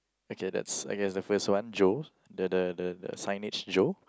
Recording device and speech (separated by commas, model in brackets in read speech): close-talking microphone, conversation in the same room